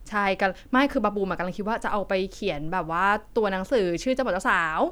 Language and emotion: Thai, happy